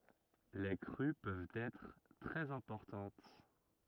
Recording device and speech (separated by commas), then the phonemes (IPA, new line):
rigid in-ear microphone, read sentence
le kʁy pøvt ɛtʁ tʁɛz ɛ̃pɔʁtɑ̃t